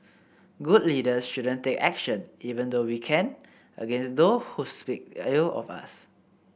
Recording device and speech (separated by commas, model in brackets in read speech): boundary microphone (BM630), read sentence